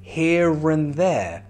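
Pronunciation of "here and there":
In 'here and there', the r at the end of 'here' is pronounced and links to the vowel sound at the start of 'and'.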